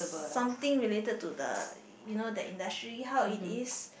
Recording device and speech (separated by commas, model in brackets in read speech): boundary microphone, conversation in the same room